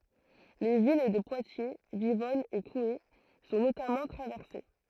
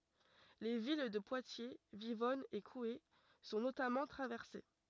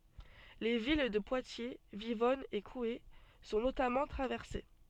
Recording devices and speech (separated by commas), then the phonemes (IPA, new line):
throat microphone, rigid in-ear microphone, soft in-ear microphone, read sentence
le vil də pwatje vivɔn e kue sɔ̃ notamɑ̃ tʁavɛʁse